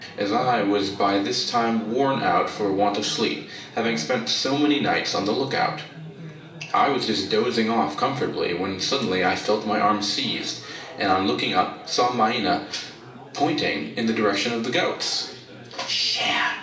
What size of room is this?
A large space.